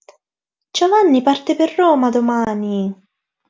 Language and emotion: Italian, surprised